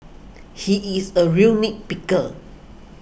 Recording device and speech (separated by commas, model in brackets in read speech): boundary microphone (BM630), read sentence